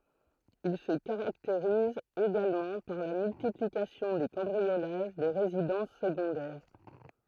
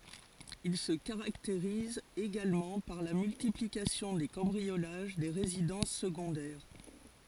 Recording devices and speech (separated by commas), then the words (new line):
throat microphone, forehead accelerometer, read sentence
Il se caractérise également par la multiplication des cambriolages des résidences secondaires.